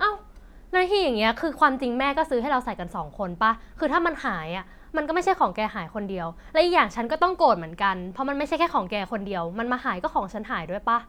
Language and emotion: Thai, frustrated